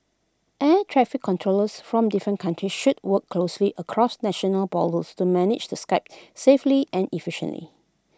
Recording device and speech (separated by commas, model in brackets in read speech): close-talking microphone (WH20), read sentence